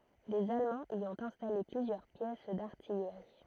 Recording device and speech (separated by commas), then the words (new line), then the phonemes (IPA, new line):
throat microphone, read sentence
Les Allemands y ont installé plusieurs pièces d'artillerie.
lez almɑ̃z i ɔ̃t ɛ̃stale plyzjœʁ pjɛs daʁtijʁi